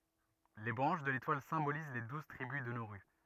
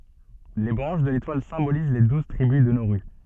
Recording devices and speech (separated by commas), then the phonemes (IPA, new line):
rigid in-ear microphone, soft in-ear microphone, read sentence
le bʁɑ̃ʃ də letwal sɛ̃boliz le duz tʁibys də noʁy